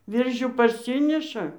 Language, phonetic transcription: Lithuanian, ˈviržių parˈsiniša

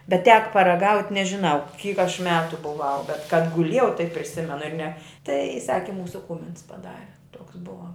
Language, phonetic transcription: Lithuanian, bet tek paraˈgaut' nežiˈnau kyk aš ˈmetu buˈvau bet kad kad guˈlėjau taip priˈsimenu ir ne tai ˈsaki ˈmūsu ˈkūmins paˈdare toks ˈbuva

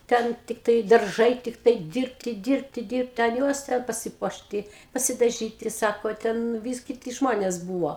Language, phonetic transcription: Lithuanian, ˈten ˈtiktai darˈžai ˈtiktai ˈdirbti ˈdirbti dirbti an ˈjuos ˈten pasiˈpuošti pasidaˈžyti ˈsako ˈten ˈvys kiˈti ˈžmonės ˈbūvo

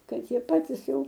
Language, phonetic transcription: Lithuanian, ˈkad ˈjie ˈpatis ˈjau

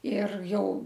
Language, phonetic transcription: Lithuanian, ir ˈjau

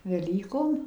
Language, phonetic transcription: Lithuanian, veˈlykom

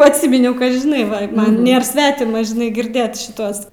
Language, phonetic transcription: Lithuanian, atˈsiminiau ka žiˈnai ˈva ˈman ˈnėr ˈsvetima žiˈnai girˈdėt ˈtuos

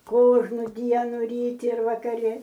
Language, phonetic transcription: Lithuanian, ˈkožnu ˈdienu ˈryti ir vakaˈri

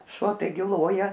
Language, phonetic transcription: Lithuanian, ˈšuo taiˈgi ˈloja

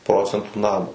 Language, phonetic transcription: Lithuanian, ˈprocentų ˈnamo

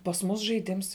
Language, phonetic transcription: Lithuanian, pas ˈmus žaiˈdims

